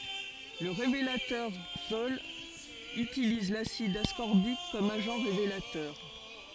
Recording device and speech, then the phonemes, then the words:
forehead accelerometer, read sentence
lə ʁevelatœʁ ikstɔl ytiliz lasid askɔʁbik kɔm aʒɑ̃ ʁevelatœʁ
Le révélateur Xtol utilise l'acide ascorbique comme agent révélateur.

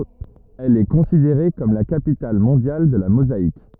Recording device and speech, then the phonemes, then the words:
rigid in-ear microphone, read sentence
ɛl ɛ kɔ̃sideʁe kɔm la kapital mɔ̃djal də la mozaik
Elle est considérée comme la capitale mondiale de la mosaïque.

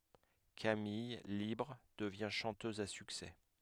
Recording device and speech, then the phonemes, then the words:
headset microphone, read sentence
kamij libʁ dəvjɛ̃ ʃɑ̃tøz a syksɛ
Camille, libre, devient chanteuse à succès.

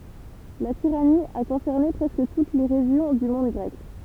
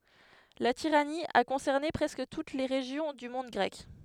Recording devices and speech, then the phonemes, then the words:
temple vibration pickup, headset microphone, read sentence
la tiʁani a kɔ̃sɛʁne pʁɛskə tut le ʁeʒjɔ̃ dy mɔ̃d ɡʁɛk
La tyrannie a concerné presque toutes les régions du monde grec.

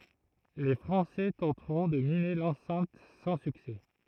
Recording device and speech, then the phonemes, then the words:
throat microphone, read sentence
le fʁɑ̃sɛ tɑ̃tʁɔ̃ də mine lɑ̃sɛ̃t sɑ̃ syksɛ
Les Français tenteront de miner l'enceinte sans succès.

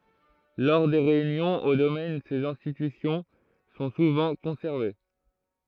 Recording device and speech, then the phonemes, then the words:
throat microphone, read sentence
lɔʁ de ʁeynjɔ̃z o domɛn sez ɛ̃stitysjɔ̃ sɔ̃ suvɑ̃ kɔ̃sɛʁve
Lors des réunions au domaine, ces institutions sont souvent conservées.

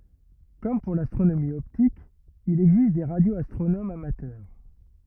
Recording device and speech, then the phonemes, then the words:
rigid in-ear microphone, read sentence
kɔm puʁ lastʁonomi ɔptik il ɛɡzist de ʁadjoastʁonomz amatœʁ
Comme pour l'astronomie optique, il existe des radioastronomes amateurs.

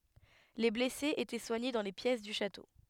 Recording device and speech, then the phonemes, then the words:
headset microphone, read sentence
le blɛsez etɛ swaɲe dɑ̃ le pjɛs dy ʃato
Les blessés étaient soignés dans les pièces du château.

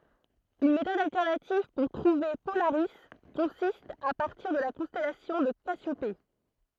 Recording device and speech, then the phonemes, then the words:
throat microphone, read sentence
yn metɔd altɛʁnativ puʁ tʁuve polaʁi kɔ̃sist a paʁtiʁ də la kɔ̃stɛlasjɔ̃ də kasjope
Une méthode alternative pour trouver Polaris consiste à partir de la constellation de Cassiopée.

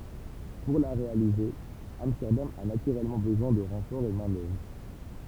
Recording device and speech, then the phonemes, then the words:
temple vibration pickup, read sentence
puʁ la ʁealize amstɛʁdam a natyʁɛlmɑ̃ bəzwɛ̃ də ʁɑ̃fɔʁz ɑ̃ mɛ̃ dœvʁ
Pour la réaliser, Amsterdam a naturellement besoin de renforts en main-d'œuvre.

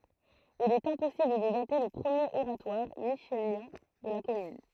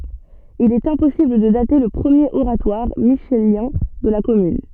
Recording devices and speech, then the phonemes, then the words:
throat microphone, soft in-ear microphone, read sentence
il ɛt ɛ̃pɔsibl də date lə pʁəmjeʁ oʁatwaʁ miʃeljɛ̃ də la kɔmyn
Il est impossible de dater le premier oratoire michélien de la commune.

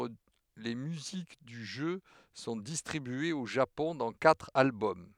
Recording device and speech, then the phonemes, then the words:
headset microphone, read sentence
le myzik dy ʒø sɔ̃ distʁibyez o ʒapɔ̃ dɑ̃ katʁ albɔm
Les musiques du jeu sont distribuées au Japon dans quatre albums.

